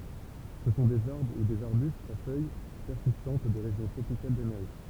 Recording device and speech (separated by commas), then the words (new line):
temple vibration pickup, read sentence
Ce sont des arbres ou des arbustes à feuilles persistantes des régions tropicales d'Amérique.